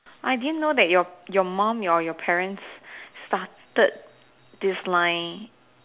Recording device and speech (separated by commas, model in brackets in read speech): telephone, conversation in separate rooms